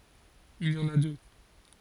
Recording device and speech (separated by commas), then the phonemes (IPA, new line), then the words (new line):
forehead accelerometer, read sentence
il i ɑ̃n a dø
Il y en a deux.